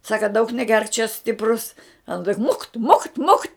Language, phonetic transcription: Lithuanian, ˈsaka daug neˈgerk čia ˈstiprus ˈana tik mukt mukt mukt'

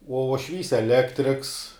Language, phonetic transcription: Lithuanian, uo uošˈvys eˈlektriks

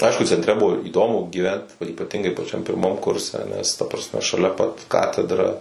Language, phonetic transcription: Lithuanian, ˈaišku centˈre ˈbuvo įˈdomu gyˈvent o ypaˈtingai paˈčiam pirˈmam ˈkurse nes ta prasˈme šaˈlia pat ˈkatedra

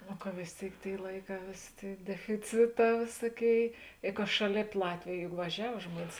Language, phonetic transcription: Lithuanian, nu ka vės ˈtėik ˈtėi ˈlaiˌkā ˈvėsė ˈtėi defiˈciˌtā ˈvėsuoˌkėi i ka ˈšaˌlėp ˈlatvėj juk vaˈžiav ˈžmuonis

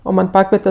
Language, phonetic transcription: Lithuanian, o ˈman' ˈpakviete

